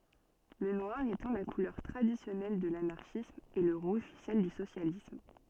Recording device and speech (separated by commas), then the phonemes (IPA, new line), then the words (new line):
soft in-ear microphone, read sentence
lə nwaʁ etɑ̃ la kulœʁ tʁadisjɔnɛl də lanaʁʃism e lə ʁuʒ sɛl dy sosjalism
Le noir étant la couleur traditionnelle de l'Anarchisme et le rouge celle du Socialisme.